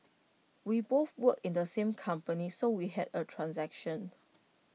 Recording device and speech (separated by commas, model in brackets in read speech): mobile phone (iPhone 6), read sentence